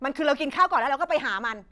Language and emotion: Thai, angry